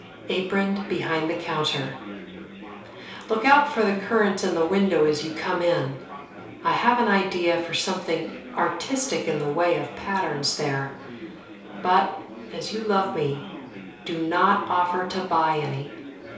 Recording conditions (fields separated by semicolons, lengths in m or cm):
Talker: one person; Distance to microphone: 3.0 m; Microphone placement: far; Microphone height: 1.8 m; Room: small (3.7 m by 2.7 m); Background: babble